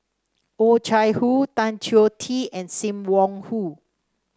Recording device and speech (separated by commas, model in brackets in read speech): standing microphone (AKG C214), read sentence